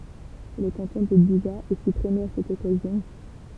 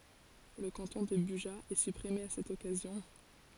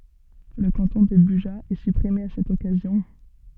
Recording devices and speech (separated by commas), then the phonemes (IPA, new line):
temple vibration pickup, forehead accelerometer, soft in-ear microphone, read sentence
lə kɑ̃tɔ̃ də byʒa ɛ sypʁime a sɛt ɔkazjɔ̃